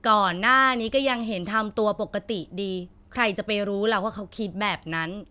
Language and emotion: Thai, frustrated